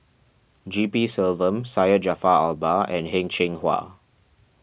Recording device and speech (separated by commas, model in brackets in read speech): boundary microphone (BM630), read sentence